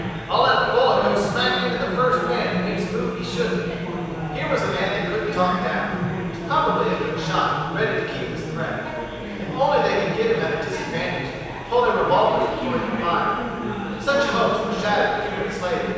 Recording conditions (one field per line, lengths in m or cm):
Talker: one person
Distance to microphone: 7.1 m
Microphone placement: far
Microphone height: 1.7 m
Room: very reverberant, large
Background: babble